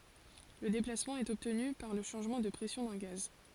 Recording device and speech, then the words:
forehead accelerometer, read sentence
Le déplacement est obtenu par le changement de pression d'un gaz.

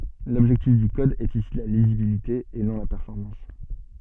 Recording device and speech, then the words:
soft in-ear microphone, read sentence
L'objectif du code est ici la lisibilité et non la performance.

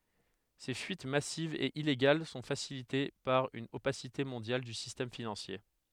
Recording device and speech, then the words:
headset microphone, read sentence
Ces fuites massives et illégales sont facilitées par une opacité mondiale du système financier.

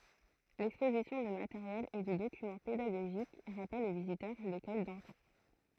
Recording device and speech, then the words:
throat microphone, read sentence
L’exposition de matériel et de documents pédagogiques rappelle aux visiteurs l’école d’antan.

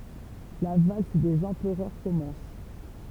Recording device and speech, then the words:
temple vibration pickup, read sentence
La valse des empereurs commence.

